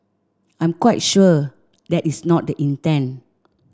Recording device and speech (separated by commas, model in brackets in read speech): standing microphone (AKG C214), read sentence